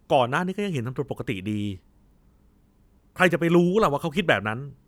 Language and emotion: Thai, frustrated